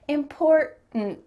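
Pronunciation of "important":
In 'important', the t in the middle is a glottal T, and the t at the end is a stop T, so no t is actually spoken at the end.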